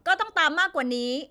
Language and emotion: Thai, angry